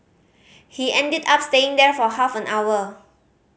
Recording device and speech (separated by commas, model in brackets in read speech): mobile phone (Samsung C5010), read sentence